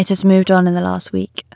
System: none